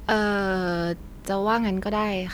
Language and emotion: Thai, frustrated